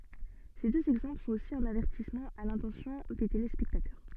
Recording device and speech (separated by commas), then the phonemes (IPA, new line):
soft in-ear microphone, read sentence
se døz ɛɡzɑ̃pl sɔ̃t osi œ̃n avɛʁtismɑ̃ a lɛ̃tɑ̃sjɔ̃ de telespɛktatœʁ